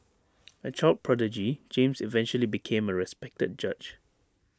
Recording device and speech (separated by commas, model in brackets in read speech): standing microphone (AKG C214), read sentence